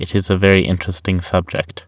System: none